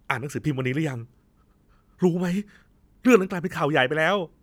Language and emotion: Thai, frustrated